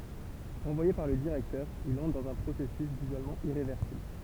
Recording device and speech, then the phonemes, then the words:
temple vibration pickup, read sentence
ʁɑ̃vwaje paʁ lə diʁɛktœʁ il ɑ̃tʁ dɑ̃z œ̃ pʁosɛsys dizolmɑ̃ iʁevɛʁsibl
Renvoyé par le directeur, il entre dans un processus d'isolement irréversible.

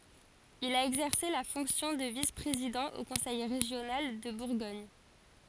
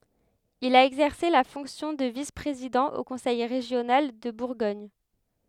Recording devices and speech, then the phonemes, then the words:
forehead accelerometer, headset microphone, read sentence
il a ɛɡzɛʁse la fɔ̃ksjɔ̃ də vis pʁezidɑ̃ o kɔ̃sɛj ʁeʒjonal də buʁɡɔɲ
Il a exercé la fonction de vice-président au conseil régional de Bourgogne.

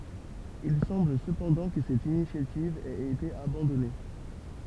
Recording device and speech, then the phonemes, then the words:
temple vibration pickup, read sentence
il sɑ̃bl səpɑ̃dɑ̃ kə sɛt inisjativ ɛt ete abɑ̃dɔne
Il semble cependant que cette initiative ait été abandonnée.

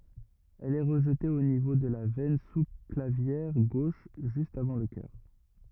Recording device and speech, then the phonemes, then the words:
rigid in-ear microphone, read sentence
ɛl ɛ ʁəʒte o nivo də la vɛn su klavjɛʁ ɡoʃ ʒyst avɑ̃ lə kœʁ
Elle est rejetée au niveau de la veine sous-clavière gauche, juste avant le cœur.

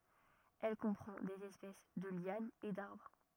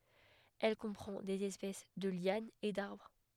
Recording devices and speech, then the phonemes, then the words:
rigid in-ear microphone, headset microphone, read sentence
ɛl kɔ̃pʁɑ̃ dez ɛspɛs də ljanz e daʁbʁ
Elle comprend des espèces de lianes et d'arbres.

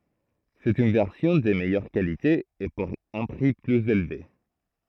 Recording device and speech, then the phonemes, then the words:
throat microphone, read sentence
sɛt yn vɛʁsjɔ̃ də mɛjœʁ kalite e puʁ œ̃ pʁi plyz elve
C'est une version de meilleure qualité, et pour un prix plus élevé.

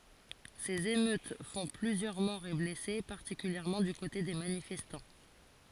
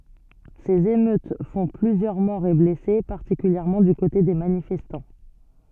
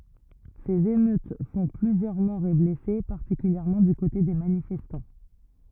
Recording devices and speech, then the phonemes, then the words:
forehead accelerometer, soft in-ear microphone, rigid in-ear microphone, read sentence
sez emøt fɔ̃ plyzjœʁ mɔʁz e blɛse paʁtikyljɛʁmɑ̃ dy kote de manifɛstɑ̃
Ces émeutes font plusieurs morts et blessés, particulièrement du côté des manifestants.

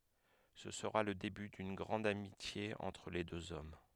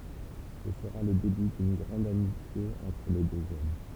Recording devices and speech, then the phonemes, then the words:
headset microphone, temple vibration pickup, read sentence
sə səʁa lə deby dyn ɡʁɑ̃d amitje ɑ̃tʁ le døz ɔm
Ce sera le début d'une grande amitié entre les deux hommes.

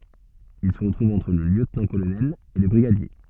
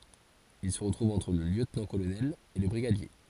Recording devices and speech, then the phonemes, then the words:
soft in-ear microphone, forehead accelerometer, read sentence
il sə tʁuv ɑ̃tʁ lə ljøtnɑ̃tkolonɛl e lə bʁiɡadje
Il se trouve entre le lieutenant-colonel et le brigadier.

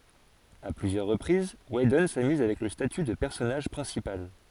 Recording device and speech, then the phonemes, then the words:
forehead accelerometer, read sentence
a plyzjœʁ ʁəpʁiz widɔn samyz avɛk lə staty də pɛʁsɔnaʒ pʁɛ̃sipal
À plusieurs reprises, Whedon s'amuse avec le statut de personnage principal.

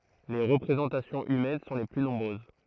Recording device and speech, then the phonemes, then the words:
throat microphone, read sentence
le ʁəpʁezɑ̃tasjɔ̃z ymɛn sɔ̃ le ply nɔ̃bʁøz
Les représentations humaines sont les plus nombreuses.

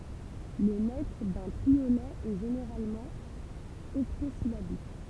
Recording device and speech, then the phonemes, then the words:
temple vibration pickup, read sentence
lə mɛtʁ dœ̃ tʁiolɛ ɛ ʒeneʁalmɑ̃ ɔktozilabik
Le mètre d'un triolet est généralement octosyllabique.

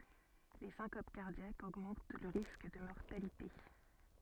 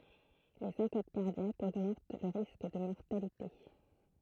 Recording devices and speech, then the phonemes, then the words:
soft in-ear microphone, throat microphone, read sentence
le sɛ̃kop kaʁdjakz oɡmɑ̃t lə ʁisk də mɔʁtalite
Les syncopes cardiaques augmentent le risque de mortalité.

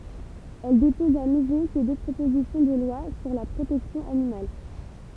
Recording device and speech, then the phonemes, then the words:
temple vibration pickup, read sentence
ɛl depɔz a nuvo se dø pʁopozisjɔ̃ də lwa syʁ la pʁotɛksjɔ̃ animal
Elle dépose à nouveau ces deux propositions de loi sur la protection animale.

